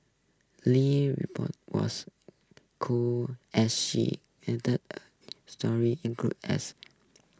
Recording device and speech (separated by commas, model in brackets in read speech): close-talking microphone (WH20), read sentence